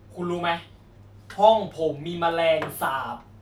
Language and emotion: Thai, angry